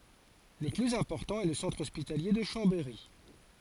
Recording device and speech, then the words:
forehead accelerometer, read sentence
Le plus important est le centre hospitalier de Chambéry.

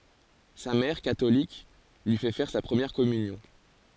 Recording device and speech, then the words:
forehead accelerometer, read sentence
Sa mère, catholique, lui fait faire sa première communion.

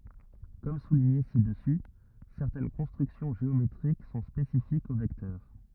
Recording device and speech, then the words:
rigid in-ear microphone, read sentence
Comme souligné ci-dessus, certaines constructions géométriques sont spécifiques aux vecteurs.

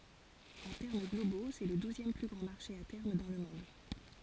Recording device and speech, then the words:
forehead accelerometer, read sentence
En termes globaux, c'est le douzième plus grand marché à terme dans le monde.

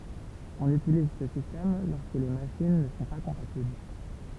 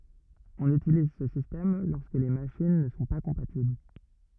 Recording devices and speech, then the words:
temple vibration pickup, rigid in-ear microphone, read sentence
On utilise ce système lorsque les machines ne sont pas compatibles.

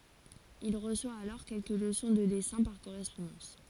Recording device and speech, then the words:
forehead accelerometer, read sentence
Il reçoit alors quelques leçons de dessins par correspondance.

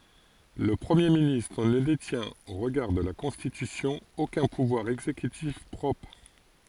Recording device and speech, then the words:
forehead accelerometer, read sentence
Le Premier ministre ne détient, au regard de la Constitution, aucun pouvoir exécutif propre.

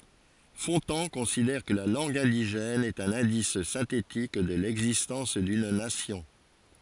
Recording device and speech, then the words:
forehead accelerometer, read sentence
Fontan considère que la langue indigène est un indice synthétique de l'existence d'une nation.

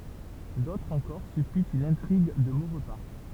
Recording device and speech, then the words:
temple vibration pickup, read sentence
D’autres encore supputent une intrigue de Maurepas.

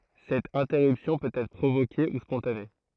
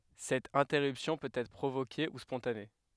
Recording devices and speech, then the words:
throat microphone, headset microphone, read sentence
Cette interruption peut être provoquée ou spontanée.

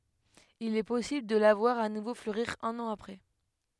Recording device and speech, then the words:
headset microphone, read sentence
Il est possible de la voir à nouveau fleurir un an après.

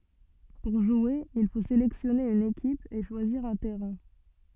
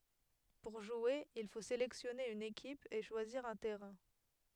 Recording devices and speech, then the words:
soft in-ear microphone, headset microphone, read sentence
Pour jouer, il faut sélectionner une équipe, et choisir un terrain.

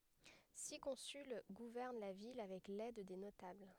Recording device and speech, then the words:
headset microphone, read sentence
Six consuls gouvernent la ville avec l'aide des notables.

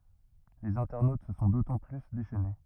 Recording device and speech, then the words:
rigid in-ear microphone, read sentence
Les internautes se sont d'autant plus déchaînés.

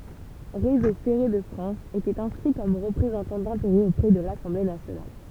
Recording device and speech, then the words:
temple vibration pickup, read sentence
Réseau ferré de France était inscrit comme représentant d'intérêts auprès de l'Assemblée nationale.

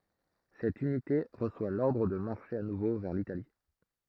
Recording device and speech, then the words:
throat microphone, read sentence
Cette unité reçoit l'ordre de marcher à nouveau vers l'Italie.

